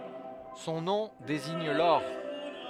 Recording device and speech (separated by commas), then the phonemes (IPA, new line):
headset microphone, read sentence
sɔ̃ nɔ̃ deziɲ lɔʁ